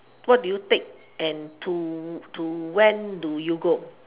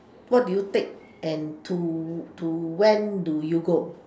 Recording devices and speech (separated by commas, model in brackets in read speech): telephone, standing microphone, conversation in separate rooms